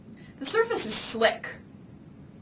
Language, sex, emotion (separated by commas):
English, female, angry